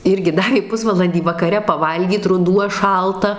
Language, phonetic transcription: Lithuanian, ˈirgi ˈdavė ˈpusvalandį vakaˈre paˈvalgyt ruˈduo ˈšalta

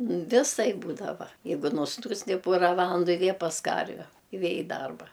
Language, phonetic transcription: Lithuanian, viˈsaip ˈbūdava ˈjeigu nusˈnūsti ˈpora ˈvalandu i ˈvė pas ˈkarve i ˈvė i ˈdarba

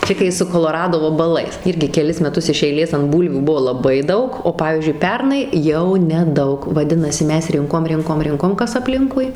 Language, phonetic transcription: Lithuanian, ˈčia kai su koloˈrado vabaˈlais ˈirgi keˈlis meˈtus iš eiˈlės ant ˈbūlvių ˈbuvo laˈbai ˈdaug o ˈpavyzdžiui ˈpernai jau neˈdaug vaˈdinasi ˈmes ˈrinkom ˈrinkom ˈrinkom ˈkas apˈlinkui

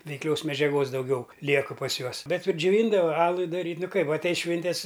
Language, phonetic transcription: Lithuanian, veikˈlios medžiaˈgos dauˈgiau ˈliekɨ pas ˈjuos ˈbet ir džiuˈvyndava ˈalui daˈryt' ˈnu ˈkaip atˈeis ˈšvintes

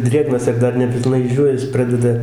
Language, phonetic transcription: Lithuanian, ˈdrėgnas ir ˈdar nepilˈnai išˈdžiūvęs ˈpradeda

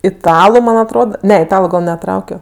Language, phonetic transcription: Lithuanian, iˈtalu ˈman atˈrod ˈne iˈtalu gal neˈtraukio

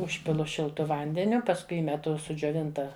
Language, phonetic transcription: Lithuanian, ˈužpilu šilˈtu ˈvandeniu pasˈkui ˈįmetu sudžioˈvinta

